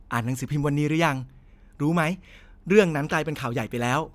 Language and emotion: Thai, happy